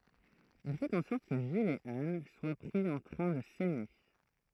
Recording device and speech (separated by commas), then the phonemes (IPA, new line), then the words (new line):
throat microphone, read sentence
il fɛt ɑ̃ sɔʁt kə ʒil e an swa pʁi ɑ̃ tʁɛ̃ də sɛme
Il fait en sorte que Gilles et Anne soient pris en train de s’aimer.